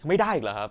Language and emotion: Thai, frustrated